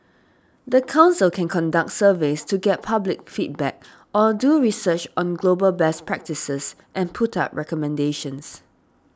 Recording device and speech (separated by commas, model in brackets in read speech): standing microphone (AKG C214), read sentence